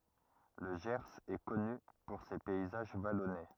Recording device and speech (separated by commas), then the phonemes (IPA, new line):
rigid in-ear microphone, read sentence
lə ʒɛʁz ɛ kɔny puʁ se pɛizaʒ valɔne